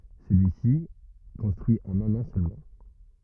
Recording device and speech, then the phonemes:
rigid in-ear microphone, read sentence
səlyisi ɛ kɔ̃stʁyi ɑ̃n œ̃n ɑ̃ sølmɑ̃

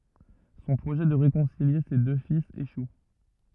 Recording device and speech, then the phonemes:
rigid in-ear microphone, read sentence
sɔ̃ pʁoʒɛ də ʁekɔ̃silje se dø filz eʃu

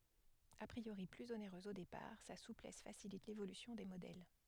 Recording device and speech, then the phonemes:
headset microphone, read sentence
a pʁioʁi plyz oneʁøz o depaʁ sa suplɛs fasilit levolysjɔ̃ de modɛl

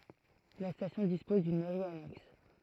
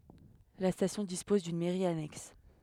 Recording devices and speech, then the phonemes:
throat microphone, headset microphone, read sentence
la stasjɔ̃ dispɔz dyn mɛʁi anɛks

